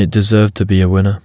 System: none